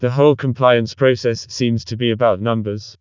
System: TTS, vocoder